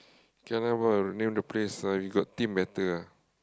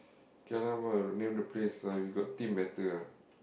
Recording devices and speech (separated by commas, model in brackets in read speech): close-talking microphone, boundary microphone, conversation in the same room